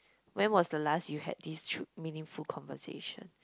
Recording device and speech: close-talking microphone, conversation in the same room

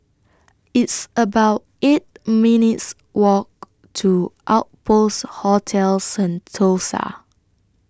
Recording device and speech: standing microphone (AKG C214), read sentence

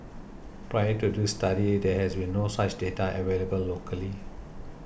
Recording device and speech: boundary microphone (BM630), read sentence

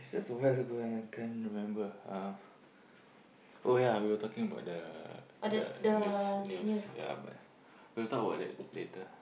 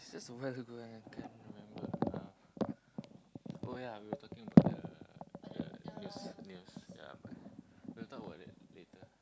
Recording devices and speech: boundary microphone, close-talking microphone, conversation in the same room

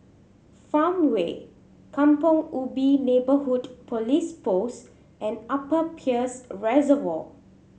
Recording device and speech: mobile phone (Samsung C7100), read sentence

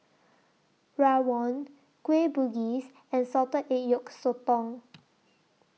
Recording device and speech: mobile phone (iPhone 6), read sentence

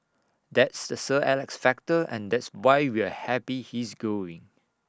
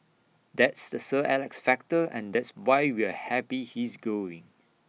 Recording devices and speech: standing microphone (AKG C214), mobile phone (iPhone 6), read sentence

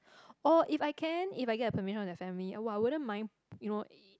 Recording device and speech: close-talking microphone, conversation in the same room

